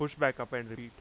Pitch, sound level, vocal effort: 120 Hz, 91 dB SPL, loud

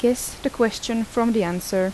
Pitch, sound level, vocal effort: 230 Hz, 80 dB SPL, soft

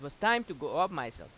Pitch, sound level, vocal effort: 170 Hz, 94 dB SPL, loud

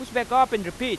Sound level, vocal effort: 98 dB SPL, loud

